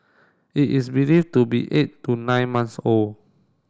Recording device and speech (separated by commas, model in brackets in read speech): standing microphone (AKG C214), read sentence